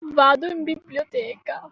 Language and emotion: Italian, sad